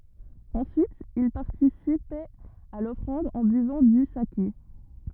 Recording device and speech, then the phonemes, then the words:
rigid in-ear microphone, read sentence
ɑ̃syit il paʁtisipɛt a lɔfʁɑ̃d ɑ̃ byvɑ̃ dy sake
Ensuite, ils participaient à l’offrande en buvant du saké.

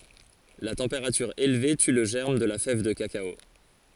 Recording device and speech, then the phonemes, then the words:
forehead accelerometer, read sentence
la tɑ̃peʁatyʁ elve ty lə ʒɛʁm də la fɛv də kakao
La température élevée tue le germe de la fève de cacao.

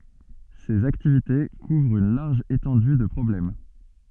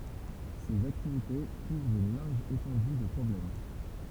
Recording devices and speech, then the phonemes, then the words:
soft in-ear microphone, temple vibration pickup, read sentence
sez aktivite kuvʁt yn laʁʒ etɑ̃dy də pʁɔblɛm
Ses activités couvrent une large étendue de problèmes.

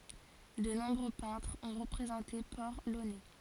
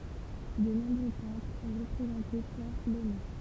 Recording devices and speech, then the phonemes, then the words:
forehead accelerometer, temple vibration pickup, read sentence
də nɔ̃bʁø pɛ̃tʁz ɔ̃ ʁəpʁezɑ̃te pɔʁ lonɛ
De nombreux peintres ont représenté Port-Launay.

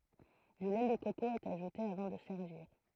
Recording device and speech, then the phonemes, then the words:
throat microphone, read sentence
dy lɛ də koko ɛt aʒute avɑ̃ də sɛʁviʁ
Du lait de coco est ajouté avant de servir.

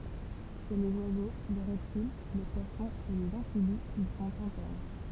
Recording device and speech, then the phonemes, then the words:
temple vibration pickup, read sentence
ʃe lez wazo le ʁɛptil le pwasɔ̃z e lez ɑ̃fibiz il sɔ̃t ɛ̃tɛʁn
Chez les oiseaux, les reptiles, les poissons et les amphibies, ils sont internes.

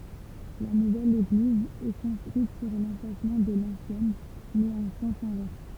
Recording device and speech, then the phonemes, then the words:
temple vibration pickup, read sentence
la nuvɛl eɡliz ɛ kɔ̃stʁyit syʁ lɑ̃plasmɑ̃ də lɑ̃sjɛn mɛz ɑ̃ sɑ̃s ɛ̃vɛʁs
La nouvelle église est construite sur l'emplacement de l'ancienne, mais en sens inverse.

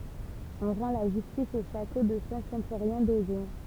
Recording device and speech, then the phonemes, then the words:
temple vibration pickup, read sentence
ɔ̃ ʁɑ̃ la ʒystis o ʃato də sɛ̃tsɛ̃foʁjɛ̃ dozɔ̃
On rend la justice au château de Saint-Symphorien d'Ozon.

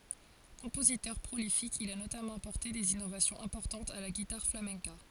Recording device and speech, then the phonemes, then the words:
forehead accelerometer, read sentence
kɔ̃pozitœʁ pʁolifik il a notamɑ̃ apɔʁte dez inovasjɔ̃z ɛ̃pɔʁtɑ̃tz a la ɡitaʁ flamɛ̃ka
Compositeur prolifique, il a notamment apporté des innovations importantes à la guitare flamenca.

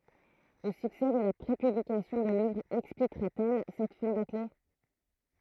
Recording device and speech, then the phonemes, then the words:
throat microphone, read sentence
lə syksɛ də la pʁepyblikasjɔ̃ də lœvʁ ɛksplikʁɛt ɛl sɛt fɛ̃ bakle
Le succès de la prépublication de l'œuvre expliquerait-elle cette fin bâclée...

